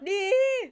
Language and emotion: Thai, happy